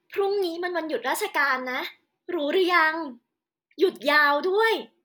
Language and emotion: Thai, happy